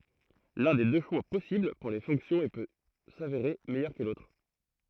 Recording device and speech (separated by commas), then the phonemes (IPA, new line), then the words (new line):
throat microphone, read sentence
lœ̃ de dø ʃwa pɔsibl puʁ le fɔ̃ksjɔ̃z e pø saveʁe mɛjœʁ kə lotʁ
L'un des deux choix possibles pour les fonctions et peut s'avérer meilleur que l'autre.